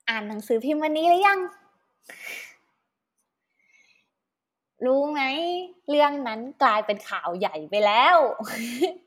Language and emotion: Thai, happy